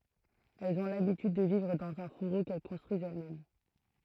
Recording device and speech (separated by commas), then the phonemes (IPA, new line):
throat microphone, read sentence
ɛlz ɔ̃ labityd də vivʁ dɑ̃z œ̃ fuʁo kɛl kɔ̃stʁyizt ɛlɛsmɛm